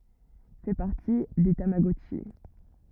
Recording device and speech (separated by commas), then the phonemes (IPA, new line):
rigid in-ear microphone, read sentence
fɛ paʁti de tamaɡɔtʃi